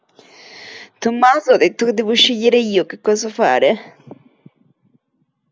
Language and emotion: Italian, disgusted